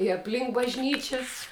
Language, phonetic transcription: Lithuanian, i apˈlink bažˈnyčias

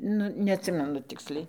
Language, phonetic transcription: Lithuanian, ˈnu neatˈsimenu ˈtiksliai

